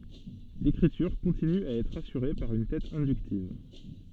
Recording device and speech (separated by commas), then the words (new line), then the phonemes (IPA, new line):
soft in-ear microphone, read sentence
L'écriture continue à être assurée par une tête inductive.
lekʁityʁ kɔ̃tiny a ɛtʁ asyʁe paʁ yn tɛt ɛ̃dyktiv